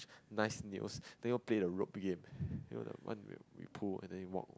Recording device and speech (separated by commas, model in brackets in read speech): close-talking microphone, conversation in the same room